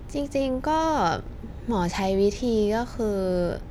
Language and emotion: Thai, neutral